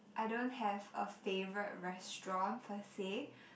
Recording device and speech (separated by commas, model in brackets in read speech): boundary microphone, conversation in the same room